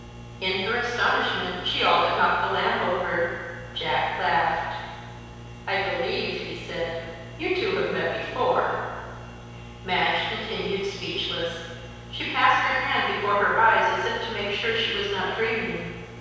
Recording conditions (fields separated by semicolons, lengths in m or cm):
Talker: one person; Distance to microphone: 7.1 m; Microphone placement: far; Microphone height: 1.7 m; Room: very reverberant, large; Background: none